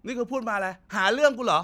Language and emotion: Thai, angry